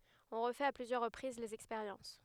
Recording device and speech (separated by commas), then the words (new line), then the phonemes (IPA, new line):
headset microphone, read sentence
On refait à plusieurs reprises les expériences.
ɔ̃ ʁəfɛt a plyzjœʁ ʁəpʁiz lez ɛkspeʁjɑ̃s